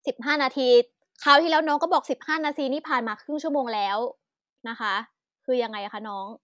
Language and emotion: Thai, angry